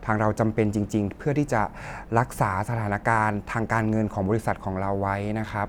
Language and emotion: Thai, neutral